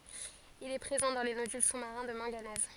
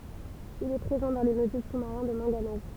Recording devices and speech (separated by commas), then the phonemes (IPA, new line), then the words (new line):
forehead accelerometer, temple vibration pickup, read sentence
il ɛ pʁezɑ̃ dɑ̃ le nodyl su maʁɛ̃ də mɑ̃ɡanɛz
Il est présent dans les nodules sous-marins de manganèse.